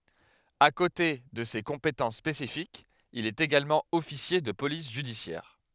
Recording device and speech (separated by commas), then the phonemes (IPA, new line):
headset microphone, read sentence
a kote də se kɔ̃petɑ̃s spesifikz il ɛt eɡalmɑ̃ ɔfisje də polis ʒydisjɛʁ